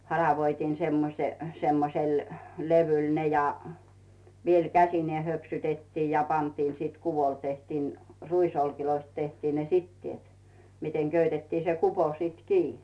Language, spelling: Finnish, haravoitiin semmoisen semmoisella levyllä ne ja vielä käsineen höpsytettiin ja pantiin sitten kuvolle tehtiin ruisoljista tehtiin ne siteet miten köytettiin se kupo sitten kiinni
- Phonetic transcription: 'haravoitiin̬ semmose , semmosel 'levyl "ne ja , viel "käsinee 'höpsytettii ja 'pantiin siit "kuvol 'tehtiin , 'ruisolkiloist 'tehtiin ne "sittièt , miteŋ 'köytettii se 'kupo siit "kii .

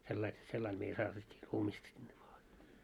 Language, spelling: Finnish, sillä lailla sillä lailla meillä saatettiin ruumista sinne maahan
- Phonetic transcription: 'sellail , 'sellail meil 'saatet́t́ii "ruumist sinne maahe .

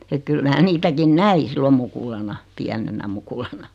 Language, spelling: Finnish, että kyllä minä niitäkin näin silloin mukulana pienenä mukulana
- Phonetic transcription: et 'kyl mää 'niitäkin "näi 'sillom mukulana , 'piänenä 'mukulana .

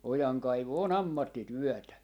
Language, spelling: Finnish, ojankaivu on ammattityötä
- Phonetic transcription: 'ojaŋkaivu 'o"n ‿ammattityɔ̈̀tä .

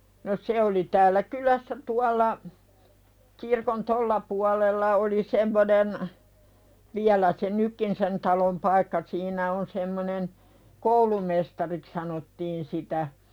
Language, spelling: Finnish, no se oli täällä kylässä tuolla kirkon tuolla puolella oli semmoinen vielä se nytkin sen talon paikka siinä on semmoinen koulumestariksi sanottiin sitä
- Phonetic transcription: no 'se oli täällä "kylässä 'tual̆la , kirkon "tolla pualella oli 'semmonen , 'viälä se "nykkin sen 'talom paikka siinä on 'semmonen , "koulumestarik sanottiin sitä .

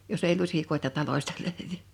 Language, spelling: Finnish, jos ei lusikoita talosta löydy
- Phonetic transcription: jos èi 'luśikoḙta 'talośta lö̀yvy . «

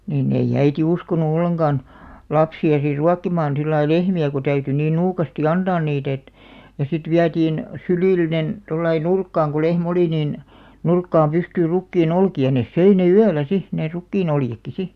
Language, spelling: Finnish, niin ei äiti uskonut ollenkaan lapsia sitten ruokkimaan sillä lailla lehmiä kun täytyi niin nuukasti antaa niitä että ja sitten vietiin sylillinen tuolla lailla nurkkaan kun lehmä oli niin nurkkaan pystyyn rukiin olkia ne söi ne yöllä sitten ne rukiin oljetkin sitten
- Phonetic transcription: niin'n ‿ei"ʲ ‿äiti 'uskonu 'olleŋɢan , 'lapsi₍a sir "ruakkimaan sillai "lehmi₍ä ku 'täyty niin 'nuukasti "antaan 'niit ‿et , ja sit "viätiin , 'sylìllinen , 'tollai "nurkkaaŋ ko 'leh"m ‿oli nìn , 'nurkkaam 'pystyyr 'rukkii"n ‿olki₍a nes 'söi ne "yäl̆lä "si , nè 'rukkiin ‿oljekki 'si .

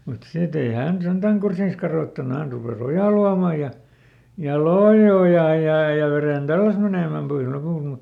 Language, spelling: Finnish, mutta sitten ei hän sentään kurssiaan kadottanut hän rupesi ojaa luomaan ja ja loi ojaa ja ja veden tälläsi menemään pois lopulta mutta
- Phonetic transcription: mut ˈsit ‿ei ˈhä̀n ˈsentäŋ "kursiis karòttanu ˈhän rupè"s ‿ojà luam̆ma ja , ja "loi "ojà ja ja ˈveren "tälläs menèmäm ˈpois ˈlopùlt mut ,.

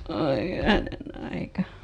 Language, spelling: Finnish, oi hyvänen aika
- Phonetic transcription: oi 'hyvänen ‿aika .

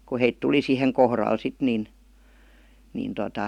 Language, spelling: Finnish, kun he tuli siihen kohdalle sitten niin niin tuota
- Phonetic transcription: ku heit "tuli siheŋ kohral 'sit nin , nin tota ,.

